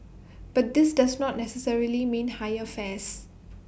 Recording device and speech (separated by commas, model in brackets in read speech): boundary microphone (BM630), read sentence